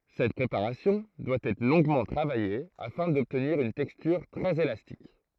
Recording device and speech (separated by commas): throat microphone, read sentence